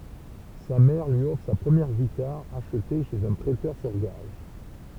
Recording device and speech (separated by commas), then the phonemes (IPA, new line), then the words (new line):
temple vibration pickup, read sentence
sa mɛʁ lyi ɔfʁ sa pʁəmjɛʁ ɡitaʁ aʃte ʃez œ̃ pʁɛtœʁ syʁ ɡaʒ
Sa mère lui offre sa première guitare, achetée chez un prêteur sur gages.